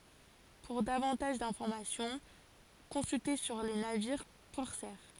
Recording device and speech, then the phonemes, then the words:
forehead accelerometer, read sentence
puʁ davɑ̃taʒ dɛ̃fɔʁmasjɔ̃ kɔ̃sylte syʁ le naviʁ kɔʁsɛʁ
Pour davantage d'informations, consulter sur les navires corsaires.

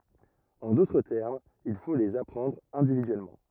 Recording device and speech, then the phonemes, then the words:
rigid in-ear microphone, read sentence
ɑ̃ dotʁ tɛʁmz il fo lez apʁɑ̃dʁ ɛ̃dividyɛlmɑ̃
En d'autres termes, il faut les apprendre individuellement.

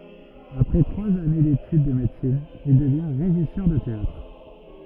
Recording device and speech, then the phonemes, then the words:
rigid in-ear microphone, read sentence
apʁɛ tʁwaz ane detyd də medəsin il dəvjɛ̃ ʁeʒisœʁ də teatʁ
Après trois années d’études de médecine, il devient régisseur de théâtre.

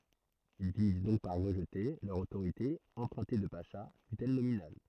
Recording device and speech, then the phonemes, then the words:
throat microphone, read sentence
il finis dɔ̃k paʁ ʁəʒte lœʁ otoʁite ɑ̃pʁœ̃te də paʃa fytɛl nominal
Ils finissent donc par rejeter, leur autorité empruntée de pacha, fut-elle nominale.

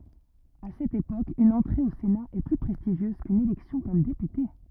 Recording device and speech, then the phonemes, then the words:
rigid in-ear microphone, read sentence
a sɛt epok yn ɑ̃tʁe o sena ɛ ply pʁɛstiʒjøz kyn elɛksjɔ̃ kɔm depyte
À cette époque, une entrée au Sénat est plus prestigieuse qu'une élection comme député.

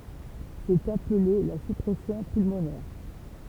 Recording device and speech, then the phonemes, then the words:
temple vibration pickup, read sentence
sɛt aple la syʁpʁɛsjɔ̃ pylmonɛʁ
C'est appelé la surpression pulmonaire.

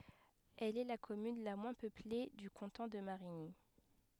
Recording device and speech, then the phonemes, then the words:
headset microphone, read sentence
ɛl ɛ la kɔmyn la mwɛ̃ pøple dy kɑ̃tɔ̃ də maʁiɲi
Elle est la commune la moins peuplée du canton de Marigny.

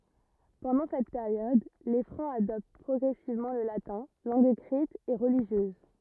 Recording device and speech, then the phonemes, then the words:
rigid in-ear microphone, read sentence
pɑ̃dɑ̃ sɛt peʁjɔd le fʁɑ̃z adɔpt pʁɔɡʁɛsivmɑ̃ lə latɛ̃ lɑ̃ɡ ekʁit e ʁəliʒjøz
Pendant cette période, les Francs adoptent progressivement le latin, langue écrite et religieuse.

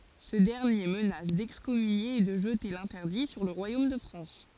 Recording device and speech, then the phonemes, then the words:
forehead accelerometer, read sentence
sə dɛʁnje mənas dɛkskɔmynje e də ʒəte lɛ̃tɛʁdi syʁ lə ʁwajom də fʁɑ̃s
Ce dernier menace d'excommunier et de jeter l'interdit sur le royaume de France.

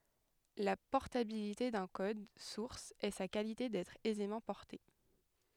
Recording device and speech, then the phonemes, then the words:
headset microphone, read sentence
la pɔʁtabilite dœ̃ kɔd suʁs ɛ sa kalite dɛtʁ ɛzemɑ̃ pɔʁte
La portabilité d'un code source est sa qualité d'être aisément porté.

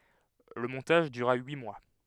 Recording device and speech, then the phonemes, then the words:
headset microphone, read sentence
lə mɔ̃taʒ dyʁa yi mwa
Le montage dura huit mois.

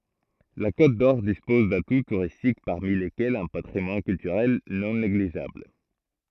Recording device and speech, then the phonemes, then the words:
throat microphone, read sentence
la kotdɔʁ dispɔz datu tuʁistik paʁmi lekɛlz œ̃ patʁimwan kyltyʁɛl nɔ̃ neɡliʒabl
La Côte-d'Or dispose d'atouts touristiques parmi lesquels un patrimoine culturel non négligeable.

